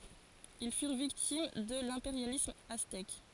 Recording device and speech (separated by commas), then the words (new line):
forehead accelerometer, read sentence
Ils furent victimes de l'impérialisme aztèque.